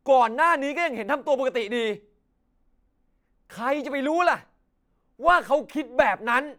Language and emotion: Thai, angry